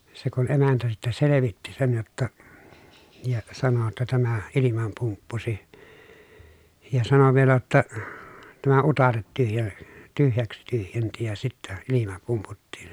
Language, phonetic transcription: Finnish, se kun emäntä sittä selevitti sen jotta , ja sano ‿tta » tämä , ilimam pumppusi » , ja sano vielä jotta , » tämä utaret tyhjä- , tyhjäks tyhjenti ja sittä , ilima pumputtiin » .
- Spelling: se kun emäntä sitten selvitti sen jotta ja sanoi jotta tämä ilman pumppusi ja sanoi vielä jotta tämä utareet - tyhjäksi tyhjensi ja sitten ilma pumputtiin

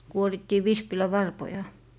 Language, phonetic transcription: Finnish, 'kuorittii "vispilä'varpoja .
- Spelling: kuorittiin vispilänvarpoja

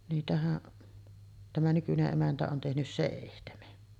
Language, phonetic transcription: Finnish, niitähäˀ , tämä 'nykyne’ '’emäntä on tehnys "sèihtemen .
- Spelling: niitähän tämä nykyinen emäntä on tehnyt seitsemän

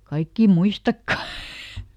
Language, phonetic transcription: Finnish, ˈkaikkì "muistakka !
- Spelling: kaikkia muistakaan

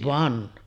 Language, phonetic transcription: Finnish, 'van .
- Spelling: vaan

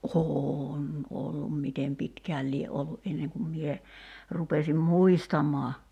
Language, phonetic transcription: Finnish, o"hoon 'ollum "mitem 'pitkääl lie '’ollu’ '’enneŋ kum mie , 'rupesim "muistam̀oa .
- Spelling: on ollut miten pitkään lie ollut ennen kuin minä rupesin muistamaan

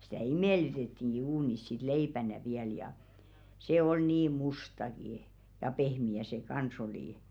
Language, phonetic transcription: Finnish, sⁱtä̀ "imèlytettiŋɢi 'uunis sit 'leipänä viäl ja , 'se ol 'niim "mustaki , ja 'pehmi₍ä se "kans ‿olì .
- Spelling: sitä imellytettiinkin uunissa sitten leipänä vielä ja se oli niin mustakin ja pehmeä se kanssa oli

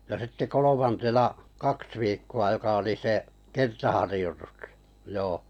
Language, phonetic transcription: Finnish, ja sitte "kolomantena , "kaks viikku₍a 'joka oli se , "kertaharⁱjotustᴀ , 'joo .
- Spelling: ja sitten kolmantena kaksi viikkoa joka oli se kertaharjoitusta joo

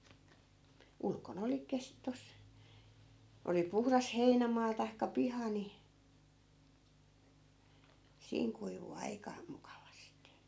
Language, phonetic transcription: Finnish, 'ulkon ‿oli 'kes- , tos , oli 'puhras 'heinämaa tai̮kka "piha ni , 'siiŋ kuivu 'aika , 'mukavasti .
- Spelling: ulkona oli - tuossa oli puhdas heinämaa tai piha niin siinä kuivui aika mukavasti

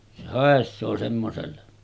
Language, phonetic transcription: Finnish, se 'hàes̆soo semmoselle .
- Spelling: se haisee semmoiselle

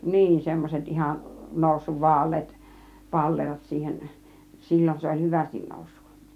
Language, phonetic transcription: Finnish, 'niin 'semmoset "ihan , 'nòussuv "vaal̀eet , "paller̀ot siihen , 'sil͕l͕on se oĺ "hyvästin 'nòussUk .
- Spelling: niin semmoiset ihan noussut vaaleat pallerot siihen silloin se oli hyvästi noussut

